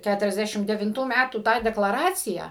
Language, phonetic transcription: Lithuanian, ˌkæturiasˈdæšim devinˈtų ˈmætų ˈtą deklaˈraciją

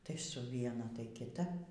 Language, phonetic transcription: Lithuanian, tai su ˈviena tai kiˈta

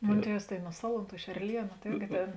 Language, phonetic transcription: Lithuanian, ˈmon ˈtievs tai nu ˈsaluˌntų iš erˈlienu ta irgi ˈtėn

